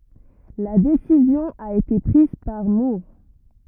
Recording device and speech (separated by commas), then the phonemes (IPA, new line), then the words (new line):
rigid in-ear microphone, read sentence
la desizjɔ̃ a ete pʁiz paʁ muʁ
La décision a été prise par Moore.